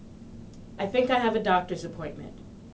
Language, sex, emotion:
English
female
neutral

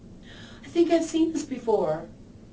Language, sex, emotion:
English
female
neutral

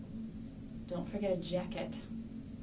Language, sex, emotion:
English
female
neutral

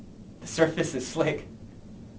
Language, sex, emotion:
English
male
fearful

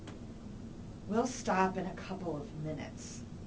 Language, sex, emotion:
English
female
disgusted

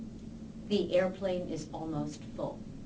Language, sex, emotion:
English
female
neutral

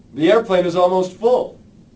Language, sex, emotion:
English
male
neutral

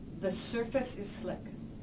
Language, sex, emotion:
English
female
neutral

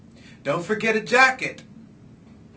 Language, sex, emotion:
English
male
neutral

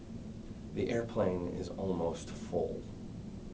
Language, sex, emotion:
English
male
neutral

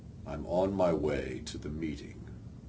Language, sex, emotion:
English
male
neutral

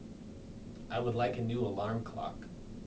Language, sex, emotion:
English
male
neutral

